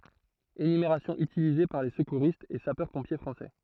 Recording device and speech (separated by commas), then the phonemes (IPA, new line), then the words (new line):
throat microphone, read sentence
enymeʁasjɔ̃ ytilize paʁ le səkuʁistz e sapœʁspɔ̃pje fʁɑ̃sɛ
Énumération utilisée par les secouristes et sapeurs-pompiers français.